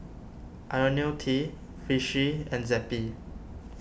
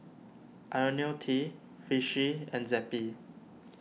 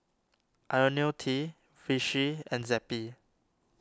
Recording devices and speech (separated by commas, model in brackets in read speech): boundary microphone (BM630), mobile phone (iPhone 6), standing microphone (AKG C214), read sentence